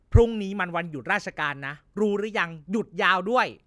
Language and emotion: Thai, angry